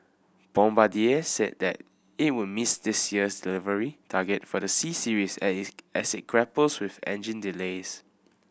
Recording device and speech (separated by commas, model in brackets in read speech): boundary microphone (BM630), read sentence